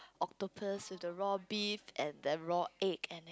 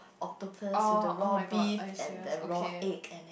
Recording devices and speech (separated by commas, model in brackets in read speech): close-talking microphone, boundary microphone, conversation in the same room